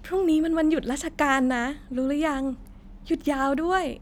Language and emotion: Thai, happy